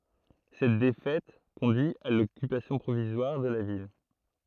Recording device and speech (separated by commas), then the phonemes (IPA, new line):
throat microphone, read sentence
sɛt defɛt kɔ̃dyi a lɔkypasjɔ̃ pʁovizwaʁ də la vil